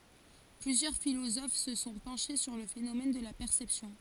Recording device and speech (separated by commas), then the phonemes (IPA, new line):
forehead accelerometer, read sentence
plyzjœʁ filozof sə sɔ̃ pɑ̃ʃe syʁ lə fenomɛn də la pɛʁsɛpsjɔ̃